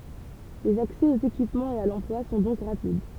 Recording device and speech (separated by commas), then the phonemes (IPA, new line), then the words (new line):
temple vibration pickup, read sentence
lez aksɛ oz ekipmɑ̃z e a lɑ̃plwa sɔ̃ dɔ̃k ʁapid
Les accès aux équipements et à l'emploi sont donc rapides.